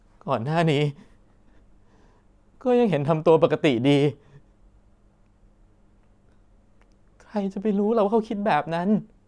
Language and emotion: Thai, sad